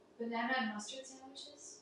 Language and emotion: English, fearful